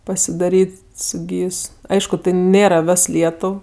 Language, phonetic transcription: Lithuanian, pasiˈdaryt' su ˈgys ˈaišku tai ˈnėra ˈves ˈlietuv

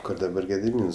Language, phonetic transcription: Lithuanian, ˈkor daˈbar gediˈmyns

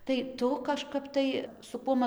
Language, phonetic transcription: Lithuanian, tai ˈtu kažˈkap tai su ˈkuom

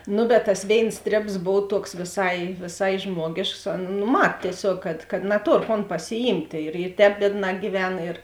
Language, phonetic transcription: Lithuanian, ˈnu bet tas ˈvėins ˈstrėbs ˈbov ˈtuoks vėˈsai vėˈsai ˈžmuogėšks on nu ˈmat tieˈsiog kad kad naˈtor kon pasiˈjymtė ir i ˈtēp ˈbiedˌnā gyˈven ir

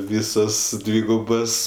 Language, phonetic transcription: Lithuanian, ˈvysos ˈdvygubos

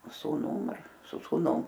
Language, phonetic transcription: Lithuanian, sūˈnum ar su sūˈnum

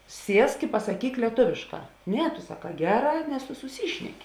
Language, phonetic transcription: Lithuanian, ˈsiesk i pasaˈkyk lieˈtovėšˌkā ˈne tu saˈkā ˈgeˌrā nes tu suˈsyšneki

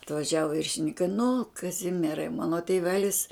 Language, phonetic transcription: Lithuanian, atvaˈžiavo viršininˈkai nu kaˈzimierai ˈmano tėˈvelis

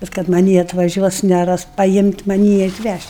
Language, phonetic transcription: Lithuanian, bet kad maˈnį atvaˈžiuos neˈras pajimt' maˈnį atˈvæžt'

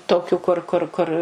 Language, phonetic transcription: Lithuanian, ˈtokių kur ˈkur ˈkur

